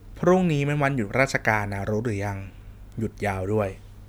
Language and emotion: Thai, neutral